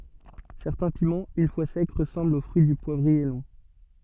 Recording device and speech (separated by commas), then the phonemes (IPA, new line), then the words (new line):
soft in-ear microphone, read sentence
sɛʁtɛ̃ pimɑ̃z yn fwa sɛk ʁəsɑ̃blt o fʁyi dy pwavʁie lɔ̃
Certains piments, une fois secs, ressemblent au fruit du poivrier long.